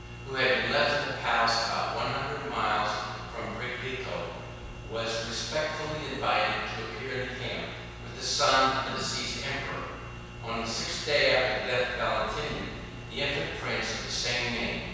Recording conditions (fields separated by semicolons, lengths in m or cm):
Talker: one person; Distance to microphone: 7.1 m; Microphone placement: far; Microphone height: 1.7 m; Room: very reverberant, large; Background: none